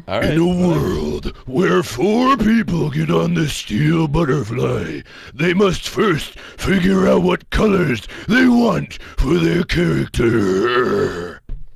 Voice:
Trailer-guy voice